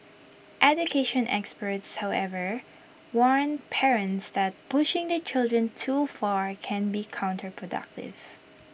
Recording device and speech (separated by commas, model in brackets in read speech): boundary microphone (BM630), read sentence